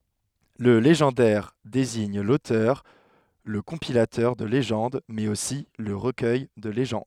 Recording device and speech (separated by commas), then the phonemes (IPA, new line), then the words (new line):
headset microphone, read sentence
lə leʒɑ̃dɛʁ deziɲ lotœʁ lə kɔ̃pilatœʁ də leʒɑ̃d mɛz osi lə ʁəkœj də leʒɑ̃d
Le légendaire désigne l'auteur, le compilateur de légendes mais aussi le recueil de légendes.